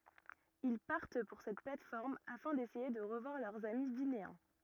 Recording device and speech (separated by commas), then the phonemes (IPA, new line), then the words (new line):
rigid in-ear microphone, read sentence
il paʁt puʁ sɛt plat fɔʁm afɛ̃ desɛje də ʁəvwaʁ lœʁz ami vineɛ̃
Ils partent pour cette plate-forme afin d'essayer de revoir leurs amis vinéens.